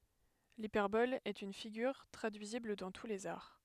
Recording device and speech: headset microphone, read sentence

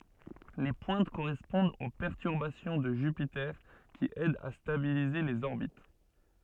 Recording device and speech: soft in-ear microphone, read sentence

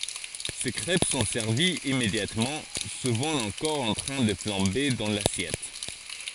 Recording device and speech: forehead accelerometer, read sentence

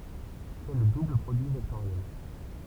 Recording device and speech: temple vibration pickup, read sentence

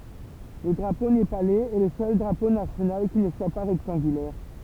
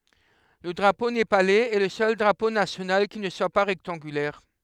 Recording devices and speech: temple vibration pickup, headset microphone, read sentence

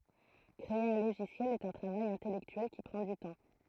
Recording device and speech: throat microphone, read sentence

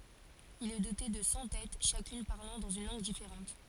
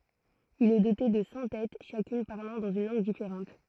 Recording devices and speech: forehead accelerometer, throat microphone, read sentence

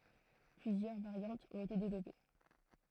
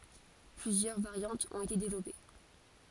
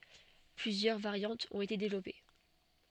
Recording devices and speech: throat microphone, forehead accelerometer, soft in-ear microphone, read sentence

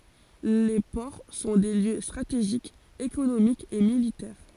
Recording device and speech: forehead accelerometer, read sentence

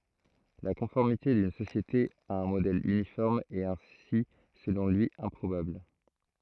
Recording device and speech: throat microphone, read sentence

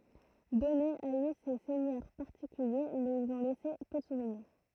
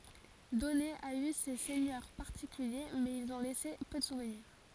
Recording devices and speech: throat microphone, forehead accelerometer, read sentence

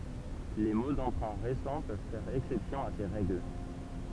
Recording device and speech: temple vibration pickup, read sentence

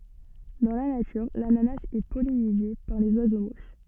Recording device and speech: soft in-ear microphone, read sentence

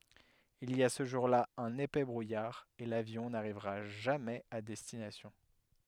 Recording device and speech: headset microphone, read sentence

